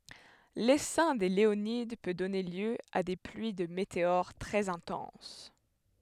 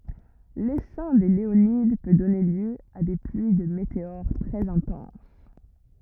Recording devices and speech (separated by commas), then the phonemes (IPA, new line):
headset microphone, rigid in-ear microphone, read sentence
lesɛ̃ de leonid pø dɔne ljø a de plyi də meteoʁ tʁɛz ɛ̃tɑ̃s